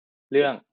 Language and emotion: Thai, angry